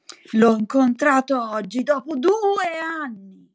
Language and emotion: Italian, angry